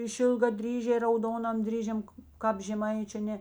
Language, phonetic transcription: Lithuanian, išilgaˈdryžiai rauˈdonam ˈdryžiam ˈkāp žeˈmaičiu a ˈne

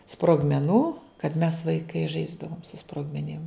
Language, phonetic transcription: Lithuanian, sprogmeˈnų kad mes vaiˈkai ˈžaisdavom su sprogmeˈnim

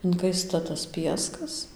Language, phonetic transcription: Lithuanian, inˈkaista tas ˈpieskas

